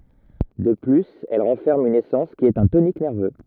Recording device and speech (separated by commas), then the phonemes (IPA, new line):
rigid in-ear microphone, read sentence
də plyz ɛl ʁɑ̃fɛʁm yn esɑ̃s ki ɛt œ̃ tonik nɛʁvø